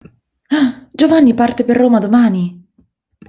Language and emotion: Italian, surprised